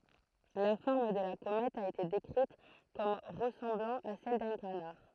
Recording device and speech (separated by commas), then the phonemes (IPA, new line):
throat microphone, read sentence
la fɔʁm də la komɛt a ete dekʁit kɔm ʁəsɑ̃blɑ̃ a sɛl dœ̃ kanaʁ